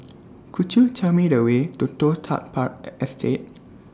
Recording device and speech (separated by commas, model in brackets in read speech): standing microphone (AKG C214), read sentence